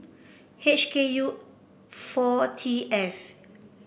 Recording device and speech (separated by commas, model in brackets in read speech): boundary microphone (BM630), read sentence